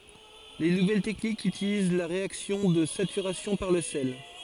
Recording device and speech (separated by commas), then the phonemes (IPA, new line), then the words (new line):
forehead accelerometer, read sentence
le nuvɛl tɛknikz ytiliz la ʁeaksjɔ̃ də satyʁasjɔ̃ paʁ lə sɛl
Les nouvelles techniques utilisent la réaction de saturation par le sel.